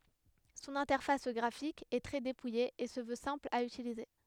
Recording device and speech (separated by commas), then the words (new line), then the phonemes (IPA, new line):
headset microphone, read sentence
Son interface graphique est très dépouillée et se veut simple à utiliser.
sɔ̃n ɛ̃tɛʁfas ɡʁafik ɛ tʁɛ depuje e sə vø sɛ̃pl a ytilize